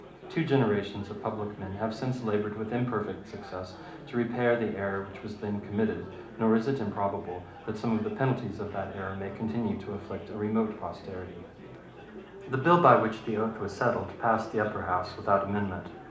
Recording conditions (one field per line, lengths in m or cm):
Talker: one person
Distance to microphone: 2.0 m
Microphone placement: close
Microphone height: 99 cm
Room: medium-sized (5.7 m by 4.0 m)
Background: babble